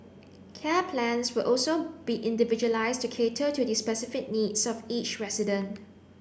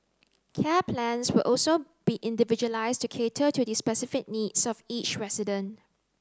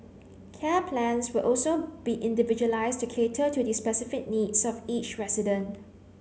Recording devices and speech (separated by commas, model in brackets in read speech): boundary microphone (BM630), close-talking microphone (WH30), mobile phone (Samsung C9), read sentence